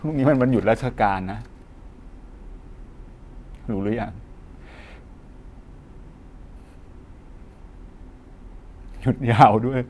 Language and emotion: Thai, frustrated